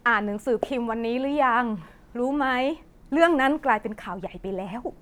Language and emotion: Thai, frustrated